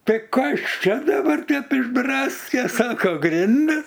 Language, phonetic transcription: Lithuanian, ˈtai ˈkas ˈčia daˈbar ˈtep išˈdraske ˈsako ˈgrindis

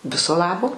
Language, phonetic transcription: Lithuanian, ˈviso ˈlabo

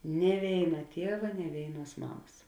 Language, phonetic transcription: Lithuanian, nie ˈvėina ˈtieva nie ˈvėinˌuos ˈmamas

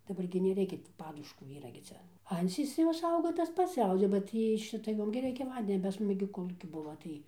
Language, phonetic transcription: Lithuanian, daˈbar gi neˈreikia ti ˈpaduškų ˈyra gi ˈcia ˈancys ˈjos ˈauga tas ˈpats ˈauga ba ˈtį i ˈšita ˈjom gi ˈreikia ˈvandenio pas ˈmus gi koˈlūki ˈbuvo tai

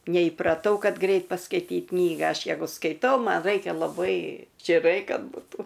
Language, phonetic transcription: Lithuanian, neįpraˈtau ˈkad ˈgrait paskaiˈtyt ˈknyga ˈaš ˈjegu skaiˈtau ˈman ˈraikia laˈbai čiˈrai ˈkad buˈtų

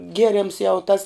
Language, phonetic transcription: Lithuanian, ˈgierems jau tas

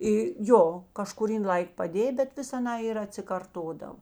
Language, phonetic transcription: Lithuanian, i ˈjo kažkuˈryn ˈlaik paˈdė bet ˈvis aˈnā ir atsikarˈtodav

